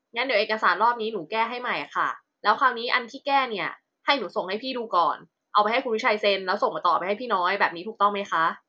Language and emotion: Thai, frustrated